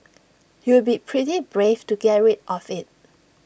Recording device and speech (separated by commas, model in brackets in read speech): boundary microphone (BM630), read sentence